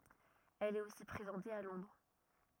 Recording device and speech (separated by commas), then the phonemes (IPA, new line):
rigid in-ear microphone, read sentence
ɛl ɛt osi pʁezɑ̃te a lɔ̃dʁ